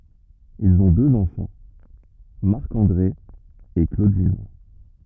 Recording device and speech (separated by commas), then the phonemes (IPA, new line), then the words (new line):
rigid in-ear microphone, read sentence
ilz ɔ̃ døz ɑ̃fɑ̃ maʁk ɑ̃dʁe e klodin
Ils ont deux enfants, Marc-André et Claudine.